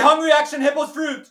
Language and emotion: English, fearful